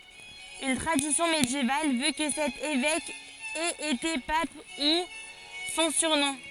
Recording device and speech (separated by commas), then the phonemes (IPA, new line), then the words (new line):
forehead accelerometer, read sentence
yn tʁadisjɔ̃ medjeval vø kə sɛt evɛk ɛt ete pap du sɔ̃ syʁnɔ̃
Une tradition médiévale veut que cet évêque ait été pape, d'où son surnom.